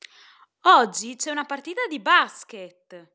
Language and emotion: Italian, happy